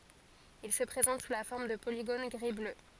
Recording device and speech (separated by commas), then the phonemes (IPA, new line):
forehead accelerometer, read sentence
il sə pʁezɑ̃t su la fɔʁm də poliɡon ɡʁi blø